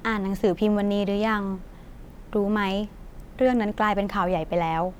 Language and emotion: Thai, neutral